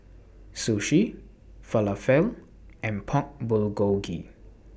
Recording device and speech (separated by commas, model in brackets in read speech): boundary microphone (BM630), read sentence